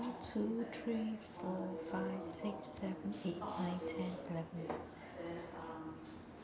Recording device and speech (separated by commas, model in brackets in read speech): standing microphone, conversation in separate rooms